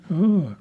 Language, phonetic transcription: Finnish, 'jâ .
- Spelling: ja

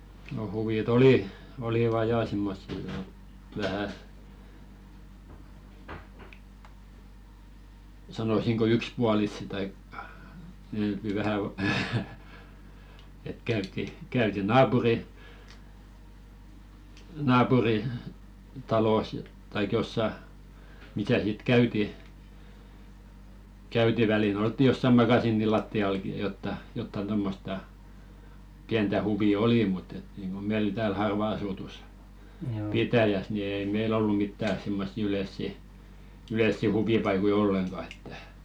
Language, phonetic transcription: Finnish, no huvi"t ‿oli , 'oliva "jà simmossi (ni) 'vähä , 'sanosiŋko "ykspualissi taik , yy- ky 'vähä , et käytti , 'käyti "naapuri- , 'naapuri- , 'talòs taik jossa , 'misä sit "käyti , käyti 'välil "oltti jossa 'makasiini latti₍alki ja jotta , 'jottan tommosta , 'piäntä 'huvi "olì mutt ‿et nìŋɢo 'meil tääl 'harva asutus , "pitäjäs ni ei "meil ‿ollu mittä simma̭ssi "ylessi , 'ylèssi "huvipaikoi 'olleŋɢa että .
- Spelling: no huvit oli olivat ja semmoisia niin vähän sanoisinko yksipuolisia tai - - vähän että käytiin käytiin - - naapuritalossa tai jossakin missä sitten käytiin käytiin välillä oltiin jossakin makasiinin lattiallakin ja jotakin jotakin tuommoista pientä huvia oli mutta että niin kuin meillä täällä harvaan asutussa pitäjässä niin ei meillä ollut mitään semmoisia yleisiä yleisiä huvipaikkoja ollenkaan että

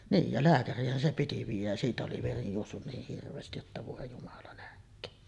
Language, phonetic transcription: Finnish, 'niij ja "lääkär̀iih̆hän se piti 'viij̆jäj jä siitä oli 'veri juossun niih 'hirv̀eestij jotta vòe jumala nähk̀öön .
- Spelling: niin ja lääkäriinhän se piti viedä ja siitä oli veri juossut niin hirveästi jotta voi jumala nähköön

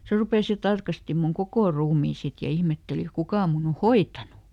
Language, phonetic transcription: Finnish, ˈse rupès ja ˈtarkasti mun "kokò ˈruumii ˈsit ja ˈihmetteli "kuka mun ‿o "hoit̆tanu .
- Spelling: se rupesi ja tarkasti minun koko ruumiin sitten ja ihmetteli kuka minun on hoitanut

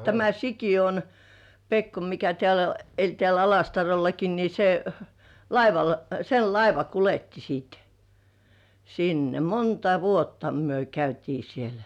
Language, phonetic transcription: Finnish, tämä "Sikijon , "Pekko mikä tĕä̀lä , 'eĺ tĕä̀l ‿"Alastarollaki ni se , laival , 'sel "laiva 'kuletti siit 'sinne , "monta 'vuotta myö käytii sielᴀ̈ .
- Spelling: tämä Sikiön Pekko mikä täällä eli täällä Alastarollakin niin se laivalla sen laiva kuljetti sitten sinne monta vuotta me käytiin siellä

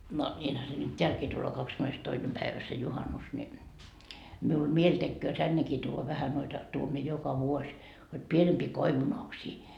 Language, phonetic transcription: Finnish, no , ńiinhä se nyt "teälkii tulloo 'kakskymmenestoinem päivä se "juhanus ni , miul "mieĺ tekköö 'tännekii tuuva 'vähä noita , tuom mie 'joka vuoś , hod 'pienempii 'koivunoksii .
- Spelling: no niinhän se nyt täälläkin tulee kahdeskymmenestoinen päivä se juhannus niin minulla mieli tekee tännekin tuoda vähän noita tuon minä joka vuosi hod pienempiä koivunoksia

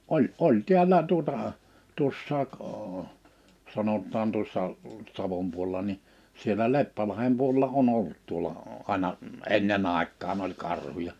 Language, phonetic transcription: Finnish, '’oĺ , '’oĺ 'tiällä , tuᵒtà , 'tuossaak ò- , 'sanot̆taan tuossa , 'Savom 'puolᵉla ni , 'sielä "Leppälahem puolᵉla 'on 'ollᵘt tuola , 'àⁱna , "enne'n ‿àek̆kaan ‿oĺ 'karhuja .
- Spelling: oli oli täällä tuota tuossa - sanotaan tuossa Savon puolella niin siellä Leppälahden puolella on ollut tuolla aina ennen aikaan oli karhuja

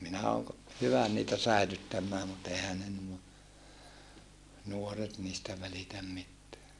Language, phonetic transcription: Finnish, minä ooŋ ko- , hyvä niitä säilyttämmää mut ehä ne nuo , nuoret niistä välitäm mitteä .
- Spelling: minä olen - hyvä niitä säilyttämään mutta eihän ne nuo nuoret niistä välitä mitään

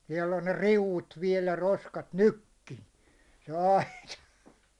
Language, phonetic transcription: Finnish, siɛll ‿on ne "riuvvut 'viɛl jä 'roskat "nykki , se 'aita .
- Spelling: siellä on ne riu'ut vielä ja roskat nytkin se aita

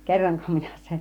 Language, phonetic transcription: Finnish, kerroŋko 'minä sen .
- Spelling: kerronko minä sen

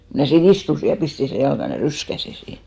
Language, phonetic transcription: Finnish, ko mnä̀ sii"n ‿istusi ja 'pisti sè 'jalkan , ja "ryskäsi siin .
- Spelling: kun minä siinä istuin ja pistin sen jalkani ja ryskäsin siinä

